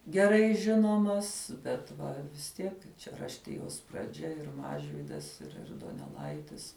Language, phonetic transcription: Lithuanian, geˈrai ˈžinomas bet ˈva vis ˈtiek čia rašˈtijos praˈdžia ˈir ˈmažvydas ir ir doneˈlaitis

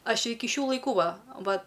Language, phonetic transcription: Lithuanian, ˈaš ˈiki ˈšių laiˈkų ˈva ˈva

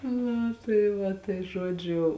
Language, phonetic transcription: Lithuanian, ˈnu tai ˈva tai ˈžodžiu

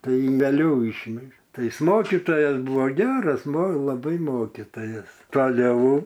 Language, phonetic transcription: Lithuanian, ˈtai veˈliau ˈyšvežė ˈtai ˈis ˈmokitojas ˈbuvo ˈgeras mo laˈbai ˈmokitojas taˈliau

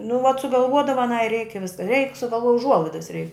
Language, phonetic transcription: Lithuanian, nu vat sugalˈvuodava aˈnai reik i vis reik sugalˈvuoj uˈžuolaidas reik

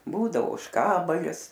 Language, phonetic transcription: Lithuanian, ˈbūdavo ožˈkabalis

